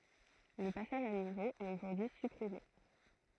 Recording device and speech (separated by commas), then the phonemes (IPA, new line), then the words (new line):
throat microphone, read sentence
lə pasaʒ a nivo ɛt oʒuʁdyi sypʁime
Le passage à niveau est aujourd'hui supprimé.